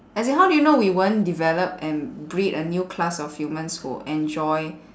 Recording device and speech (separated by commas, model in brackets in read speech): standing microphone, conversation in separate rooms